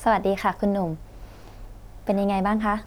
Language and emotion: Thai, neutral